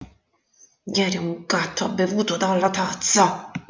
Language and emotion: Italian, angry